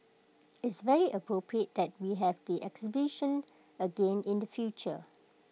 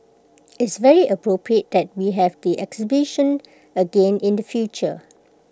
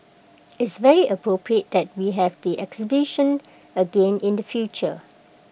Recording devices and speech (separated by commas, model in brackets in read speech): mobile phone (iPhone 6), close-talking microphone (WH20), boundary microphone (BM630), read sentence